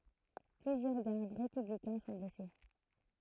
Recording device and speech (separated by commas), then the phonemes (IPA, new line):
throat microphone, read sentence
plyzjœʁ ɡaʁd ʁepyblikɛ̃ sɔ̃ blɛse